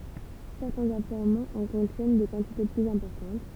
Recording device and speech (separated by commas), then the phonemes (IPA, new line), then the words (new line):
temple vibration pickup, read sentence
sɛʁtɛ̃z afløʁmɑ̃z ɑ̃ kɔ̃tjɛn de kɑ̃tite plyz ɛ̃pɔʁtɑ̃t
Certains affleurements en contiennent des quantités plus importantes.